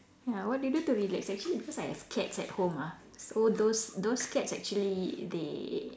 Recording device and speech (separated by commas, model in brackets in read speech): standing microphone, conversation in separate rooms